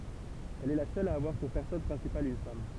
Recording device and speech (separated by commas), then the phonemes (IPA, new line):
temple vibration pickup, read sentence
ɛl ɛ la sœl a avwaʁ puʁ pɛʁsɔnaʒ pʁɛ̃sipal yn fam